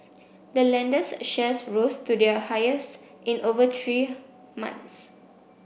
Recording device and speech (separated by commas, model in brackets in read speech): boundary microphone (BM630), read sentence